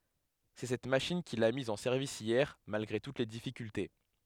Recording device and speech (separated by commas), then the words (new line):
headset microphone, read sentence
C'est cette machine qu'il a mise en service hier malgré toutes les difficultés.